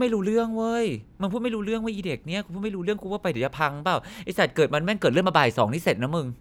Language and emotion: Thai, frustrated